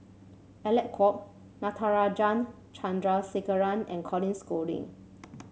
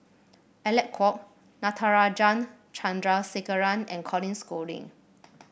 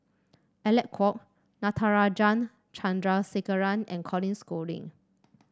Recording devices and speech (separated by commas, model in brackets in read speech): mobile phone (Samsung C7), boundary microphone (BM630), standing microphone (AKG C214), read sentence